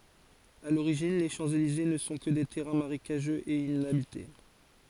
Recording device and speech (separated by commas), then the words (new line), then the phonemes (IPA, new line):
forehead accelerometer, read sentence
À l'origine, les Champs-Élysées ne sont que des terrains marécageux et inhabités.
a loʁiʒin le ʃɑ̃pselize nə sɔ̃ kə de tɛʁɛ̃ maʁekaʒøz e inabite